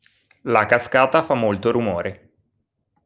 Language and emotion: Italian, neutral